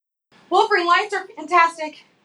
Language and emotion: English, fearful